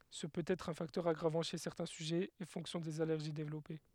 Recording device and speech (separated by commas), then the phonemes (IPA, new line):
headset microphone, read sentence
sə pøt ɛtʁ œ̃ faktœʁ aɡʁavɑ̃ ʃe sɛʁtɛ̃ syʒɛz e fɔ̃ksjɔ̃ dez alɛʁʒi devlɔpe